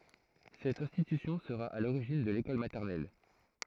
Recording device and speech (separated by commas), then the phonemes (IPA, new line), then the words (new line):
throat microphone, read sentence
sɛt ɛ̃stitysjɔ̃ səʁa a loʁiʒin də lekɔl matɛʁnɛl
Cette institution sera à l’origine de l’école maternelle.